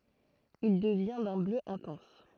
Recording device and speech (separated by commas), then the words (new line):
throat microphone, read sentence
Il devient d'un bleu intense.